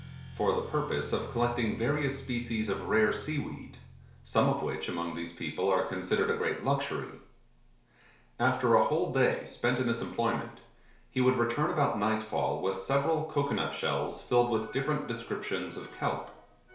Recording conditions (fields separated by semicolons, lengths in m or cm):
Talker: one person; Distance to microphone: 1.0 m; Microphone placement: close; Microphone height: 1.1 m; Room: small (3.7 m by 2.7 m); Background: music